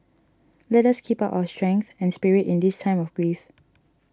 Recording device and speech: standing microphone (AKG C214), read sentence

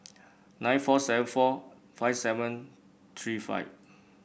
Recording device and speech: boundary microphone (BM630), read sentence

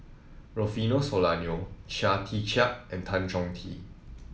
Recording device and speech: mobile phone (iPhone 7), read sentence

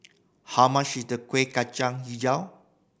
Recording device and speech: boundary microphone (BM630), read sentence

